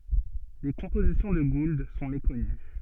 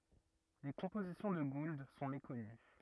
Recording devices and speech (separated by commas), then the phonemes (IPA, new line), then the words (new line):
soft in-ear microphone, rigid in-ear microphone, read sentence
le kɔ̃pozisjɔ̃ də ɡuld sɔ̃ mekɔny
Les compositions de Gould sont méconnues.